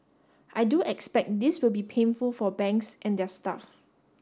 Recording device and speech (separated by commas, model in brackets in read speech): standing microphone (AKG C214), read sentence